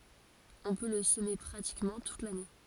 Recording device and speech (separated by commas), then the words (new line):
forehead accelerometer, read sentence
On peut le semer pratiquement toute l'année.